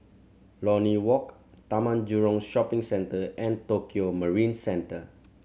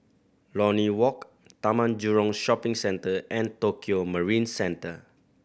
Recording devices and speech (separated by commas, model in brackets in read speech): mobile phone (Samsung C7100), boundary microphone (BM630), read sentence